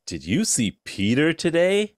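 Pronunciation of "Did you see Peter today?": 'Did you see Peter today?' is asked in a tone that sounds as if something has happened to Peter.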